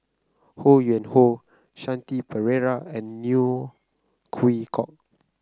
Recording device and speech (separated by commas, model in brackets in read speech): close-talking microphone (WH30), read sentence